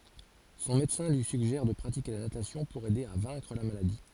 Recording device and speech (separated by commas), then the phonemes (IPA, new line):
forehead accelerometer, read sentence
sɔ̃ medəsɛ̃ lyi syɡʒɛʁ də pʁatike la natasjɔ̃ puʁ ɛde a vɛ̃kʁ la maladi